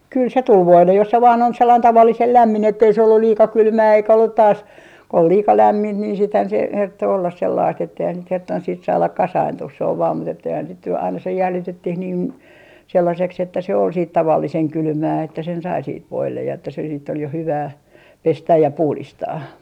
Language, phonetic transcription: Finnish, kyl se 'tul 'voillej jos se vaan ‿on sellain 'tavallisel "lämmin ettei se ollul 'liika 'kylmää eikä ollut taas , ol "liika 'lämmint niin siithän se , 'hertto ollas 'sellaist etteihän sit 'hertton siit 'saalak 'kasaintuh se ov vaam mut ‿etteihän sit ny , aina se 'jäljitettih niin , 'sellaseks ‿että se ol siit 'tavalliseŋ "kylmää että sen 'sai siit 'voillej ja että se siitt ‿ol jo 'hyvää , "pestäj ja "puhlistaa .
- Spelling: kyllä se tuli voille jos se vain on sellainen tavallisen lämmin että ei se ollut liika kylmää eikä ollut taas ollut liika lämmintä niin sittenhän se herttoi olla sellaista että eihän sitä hertonnut siitä saada kasaantumaan se on vain mutta että eihän sitä nyt aina se jäljitettiin niin sellaiseksi että se oli siitä tavallisen kylmää että sen sai siitä voille ja että se sitten oli jo hyvää pestä ja puhdistaa

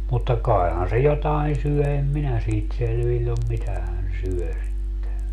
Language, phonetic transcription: Finnish, mutta 'kai̮han̬ se 'jotain̬ 'syɔ̈̀ em 'minä siit 'selviĺl ‿om 'mitä hän̬ 'syö (sitte) .
- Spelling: mutta kaihan se jotakin syö en minä siitä selvillä ole mitä hän syö sitten

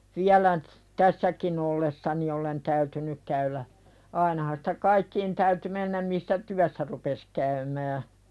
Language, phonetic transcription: Finnish, 'viälä nʸt , "tässäkin ‿olles-sani olen 'täytynyk käylä , ainahan sᴵtä "kaikkiin täyty 'mennäm missä "tyässä rupes käymää .
- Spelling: vielä nyt tässäkin ollessani olen täytynyt käydä ainahan sitä kaikkiin täytyy mennä missä työssä rupesi käymään

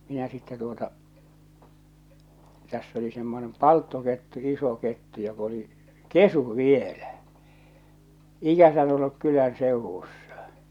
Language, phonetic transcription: Finnish, minä sitte tuota , täss ‿oli semmonem "palttokettu 'iso 'kettu jok ‿oli , "kesu̳ "vielä , 'ikäsän olluk 'kylän sèuwussᴀ .
- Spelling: minä sitten tuota tässä oli semmoinen palttokettu iso kettu joka oli kesy vielä ikänsä ollut kylän seudussa

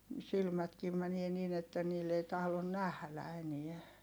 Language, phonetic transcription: Finnish, silmätkiim mänie niin ‿että niill ‿ei tahlon nählä eniä .
- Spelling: silmätkin menee niin että niillä ei tahdo nähdä enää

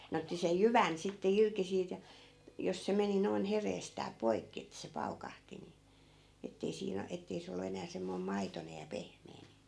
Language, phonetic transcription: Finnish, 'ne otti sej "jyvän sitte 'irki siit ja , jos 'se meni noi̮n 'hereestää "poi̮kki ettᵃ̈ se 'paukahti ni , ettei 'siin ‿o- , ettei 'se ol̆lu enää 'semmoi̮m "maitonej ja "pehm̀ee ni .
- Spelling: ne otti sen jyvän sitten irti siitä ja jos se meni noin hereestään poikki että se paukahti niin että ei siinä - että ei se ollut enää semmoinen maitoinen ja pehmeä niin

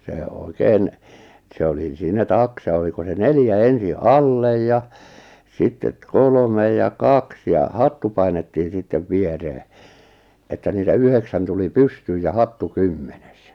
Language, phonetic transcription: Finnish, sè 'oikeen , se 'oli 'siinä "taksa oliko se "neljä 'ensi’ "’allej ja , 'sittet 'kolᵒme ja 'kaks ja 'hattu painettiin sittev "vieree , että niitä 'yheksän tuli "pystyyj ja "hattu "kymmenes .
- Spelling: se oikein se oli siinä taksa oliko se neljä ensin alle ja sitten kolme ja kaksi ja hattu painettiin sitten viereen että niitä yhdeksän tuli pystyyn ja hattu kymmenes

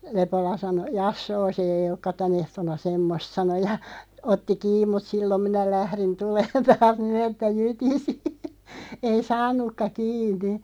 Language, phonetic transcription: Finnish, 'Lepola 'sano » "jassoo se eiʲ ‿okka "tän ‿ehto̳§na "semmost « sano ja , 'otti "kiiᵐ mut "sillom 'minä 'lährin 'tuleen "taas nii'n ‿että "jytisi , ei "saan̆nukka 'kiin̆ni .
- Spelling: Lepola sanoi jassoo se ei olekaan tänä ehtoona semmoista sanoi ja otti kiinni mutta silloin minä lähdin tulemaan taas niin että jytisi ei saanutkaan kiinni

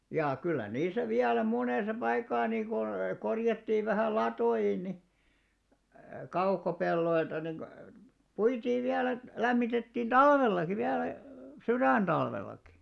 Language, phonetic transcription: Finnish, jà 'kyllä 'niisä 'viälä 'monèsa 'paikkaa nii ko , 'korjattiiv vähä̀ "lato₍in ni , 'kaukopelloilta ni , 'puitiiv viälä et , 'lämmitettiin "ᴅalvellaki 'viälä , "syrä̀nᴅalvel̆laki .
- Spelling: ja kyllä niissä vielä monessa paikkaa niin kuin korjattiin vähän latoihin niin kaukopelloilta niin puitiin vielä että lämmitettiin talvellakin vielä sydäntalvellakin

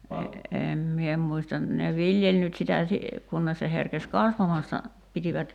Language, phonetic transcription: Finnish, 'em mie muistan ne "viljeĺ nyt sitä si- , 'kunnes se herkes "kasvamasta , 'pitivät ,.
- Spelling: en minä muista ne viljeli nyt sitä - kunnes se herkesi kasvamasta pitivät

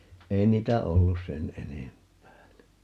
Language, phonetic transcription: Finnish, "ei niitä 'ollus "sen 'enemp̀ää (ni) .
- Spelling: ei niitä ollut sen enempää -

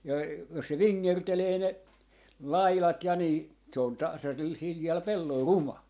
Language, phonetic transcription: Finnish, ja , jos se "viŋŋertelee 'ne , "lailat ja nii , se on 'tasasel 'siljäl 'pellol "ruma .
- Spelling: ja jos se vingertelee ne laidat ja niin se on tasaisella sileällä pellolla ruma

